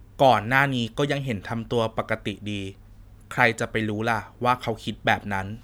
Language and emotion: Thai, neutral